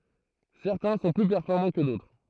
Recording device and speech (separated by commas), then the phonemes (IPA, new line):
throat microphone, read sentence
sɛʁtɛ̃ sɔ̃ ply pɛʁfɔʁmɑ̃ kə dotʁ